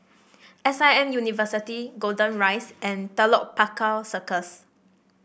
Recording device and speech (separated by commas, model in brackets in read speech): boundary microphone (BM630), read sentence